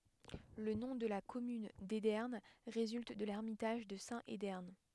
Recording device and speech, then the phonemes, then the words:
headset microphone, read sentence
lə nɔ̃ də la kɔmyn dedɛʁn ʁezylt də lɛʁmitaʒ də sɛ̃t edɛʁn
Le nom de la commune d'Edern résulte de l'ermitage de saint Edern.

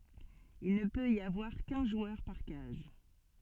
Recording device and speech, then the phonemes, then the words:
soft in-ear microphone, read sentence
il nə pøt i avwaʁ kœ̃ ʒwœʁ paʁ kaz
Il ne peut y avoir qu'un joueur par case.

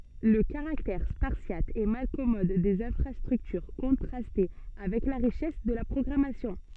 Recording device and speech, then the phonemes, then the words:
soft in-ear microphone, read sentence
lə kaʁaktɛʁ spaʁsjat e malkɔmɔd dez ɛ̃fʁastʁyktyʁ kɔ̃tʁastɛ avɛk la ʁiʃɛs də la pʁɔɡʁamasjɔ̃
Le caractère spartiate et malcommode des infrastructures contrastait avec la richesse de la programmation.

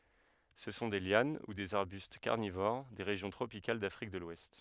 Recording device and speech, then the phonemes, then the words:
headset microphone, read sentence
sə sɔ̃ de ljan u dez aʁbyst kaʁnivoʁ de ʁeʒjɔ̃ tʁopikal dafʁik də lwɛst
Ce sont des lianes ou des arbustes carnivores, des régions tropicales d'Afrique de l'Ouest.

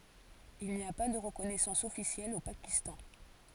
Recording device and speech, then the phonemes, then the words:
forehead accelerometer, read sentence
il ni a pa də ʁəkɔnɛsɑ̃s ɔfisjɛl o pakistɑ̃
Il n'y a pas de reconnaissance officielle au Pakistan.

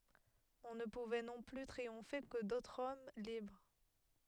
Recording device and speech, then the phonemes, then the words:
headset microphone, read sentence
ɔ̃ nə puvɛ nɔ̃ ply tʁiɔ̃fe kə dotʁz ɔm libʁ
On ne pouvait non plus triompher que d'autres hommes libres.

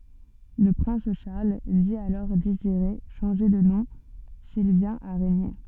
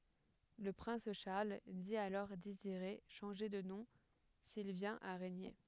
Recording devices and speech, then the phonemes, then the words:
soft in-ear microphone, headset microphone, read sentence
lə pʁɛ̃s ʃaʁl di alɔʁ deziʁe ʃɑ̃ʒe də nɔ̃ sil vjɛ̃t a ʁeɲe
Le prince Charles dit alors désirer changer de nom s'il vient à régner.

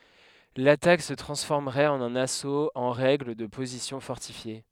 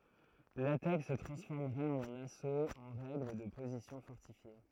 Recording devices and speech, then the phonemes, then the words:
headset microphone, throat microphone, read sentence
latak sə tʁɑ̃sfɔʁməʁɛt ɑ̃n œ̃n asot ɑ̃ ʁɛɡl də pozisjɔ̃ fɔʁtifje
L'attaque se transformerait en un assaut en règle de positions fortifiées.

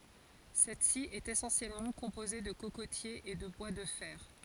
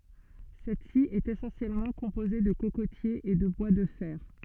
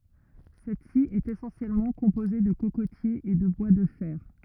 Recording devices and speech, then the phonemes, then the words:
forehead accelerometer, soft in-ear microphone, rigid in-ear microphone, read sentence
sɛtsi ɛt esɑ̃sjɛlmɑ̃ kɔ̃poze də kokotjez e də bwa də fɛʁ
Cette-ci est essentiellement composée de cocotiers et de bois de fer.

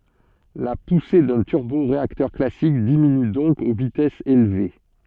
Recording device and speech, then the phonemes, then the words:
soft in-ear microphone, read sentence
la puse dœ̃ tyʁboʁeaktœʁ klasik diminy dɔ̃k o vitɛsz elve
La poussée d'un turboréacteur classique diminue donc aux vitesses élevées.

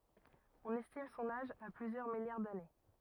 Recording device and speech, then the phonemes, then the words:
rigid in-ear microphone, read sentence
ɔ̃n ɛstim sɔ̃n aʒ a plyzjœʁ miljaʁ dane
On estime son âge à plusieurs milliards d'années.

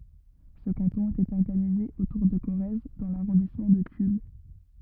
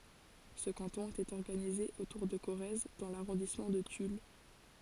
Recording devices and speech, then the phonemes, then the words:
rigid in-ear microphone, forehead accelerometer, read sentence
sə kɑ̃tɔ̃ etɛt ɔʁɡanize otuʁ də koʁɛz dɑ̃ laʁɔ̃dismɑ̃ də tyl
Ce canton était organisé autour de Corrèze dans l'arrondissement de Tulle.

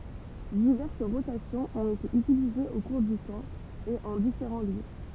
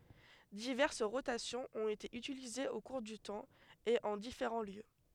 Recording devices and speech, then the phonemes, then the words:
temple vibration pickup, headset microphone, read sentence
divɛʁs ʁotasjɔ̃z ɔ̃t ete ytilizez o kuʁ dy tɑ̃ e ɑ̃ difeʁɑ̃ ljø
Diverses rotations ont été utilisées au cours du temps et en différents lieux.

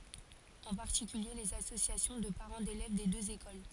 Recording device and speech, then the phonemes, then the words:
forehead accelerometer, read sentence
ɑ̃ paʁtikylje lez asosjasjɔ̃ də paʁɑ̃ delɛv de døz ekol
En particulier les associations de parents d'élèves des deux écoles.

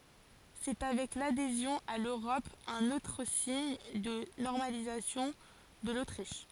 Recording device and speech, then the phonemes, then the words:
forehead accelerometer, read sentence
sɛ avɛk ladezjɔ̃ a løʁɔp œ̃n otʁ siɲ də nɔʁmalizasjɔ̃ də lotʁiʃ
C’est avec l’adhésion à l’Europe un autre signe de normalisation de l’Autriche.

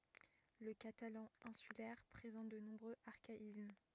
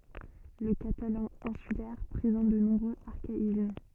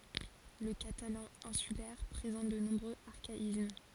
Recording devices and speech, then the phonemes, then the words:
rigid in-ear microphone, soft in-ear microphone, forehead accelerometer, read sentence
lə katalɑ̃ ɛ̃sylɛʁ pʁezɑ̃t də nɔ̃bʁøz aʁkaism
Le catalan insulaire présente de nombreux archaïsmes.

